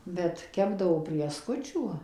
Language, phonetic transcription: Lithuanian, ˈbet ˈkepdavo prieˈskučių

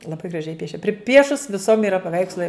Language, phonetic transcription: Lithuanian, laˈbai graˈžiai ˈpiešia priˈpiešus viˈsom yˈra paˈveikslai

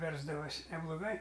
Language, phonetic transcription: Lithuanian, ˈversdavosi nebloˈgai

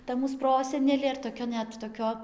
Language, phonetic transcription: Lithuanian, ˈta ˈmūs ˈprosenelė ir toˈkia ˈnet toˈkio

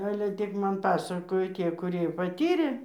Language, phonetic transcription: Lithuanian, ˈale ˈtik ˈman ˈpasakojo ˈtie kuˈrie paˈtyrė

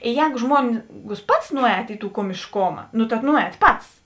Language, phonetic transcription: Lithuanian, ˈjēgu ˈžmuongus ˈpats ˈnuˌēt i tų komišˈkoma nu ta ˈnuˌēt ˈpats

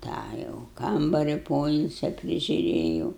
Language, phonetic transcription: Lithuanian, ˈtą jau ˈkambari ˈpoilsia prižiuˈrėjau

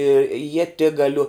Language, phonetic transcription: Lithuanian, i ieˈtigaliu

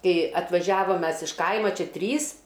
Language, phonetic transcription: Lithuanian, ˈkai atvaˈžiavam ˈmes iš ˈkaima ˈčia ˈtrys

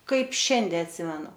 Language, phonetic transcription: Lithuanian, ˈkaip ˈšiande atˈsimenu

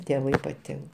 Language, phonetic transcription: Lithuanian, tėˈvai paˈtink

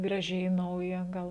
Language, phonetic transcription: Lithuanian, graˈžiai ˈnauja ˈgal

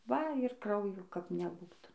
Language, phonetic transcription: Lithuanian, ˈva ir ˈkraujo kap neˈbūta

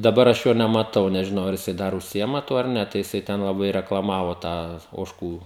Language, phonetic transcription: Lithuanian, daˈbar aš ˈjo nemaˈtau nežiˈnau ar jiˈsai ˈdar užˈsiima ˈtuo ar ˈne tai jiˈsai ten laˈbai reklaˈmavo ˈtą ožˈkų

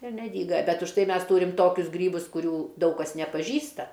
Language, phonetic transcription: Lithuanian, ir neˈdyga bet' už ˈtai ˈmes ˈtūrim ˈtokius ˈgrybus kuˈrių ˈdaug kas nepaˈžįsta

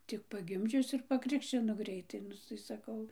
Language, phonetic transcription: Lithuanian, tik paˈgimdžius ir paˈkrikščino ˈgreitai ˈnu tai saˈkau

